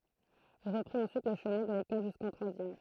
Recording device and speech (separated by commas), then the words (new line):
throat microphone, read sentence
Il reprit ensuite le chemin de l'école jusqu'en troisième.